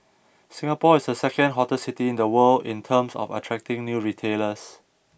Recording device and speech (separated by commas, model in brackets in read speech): boundary microphone (BM630), read sentence